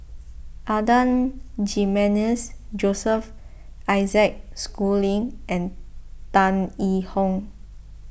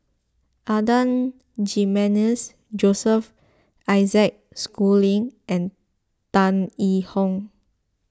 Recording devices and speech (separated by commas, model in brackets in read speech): boundary microphone (BM630), close-talking microphone (WH20), read sentence